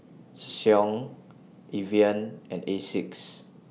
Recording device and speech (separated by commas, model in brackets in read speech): mobile phone (iPhone 6), read sentence